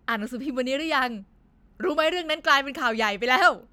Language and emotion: Thai, sad